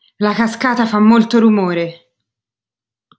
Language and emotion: Italian, angry